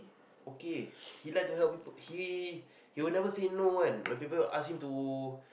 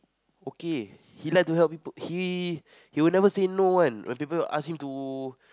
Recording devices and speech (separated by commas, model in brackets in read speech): boundary microphone, close-talking microphone, conversation in the same room